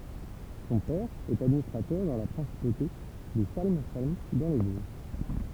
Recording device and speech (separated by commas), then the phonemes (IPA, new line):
temple vibration pickup, read sentence
sɔ̃ pɛʁ ɛt administʁatœʁ dɑ̃ la pʁɛ̃sipote də salm salm dɑ̃ le voʒ